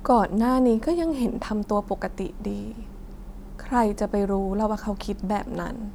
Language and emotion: Thai, sad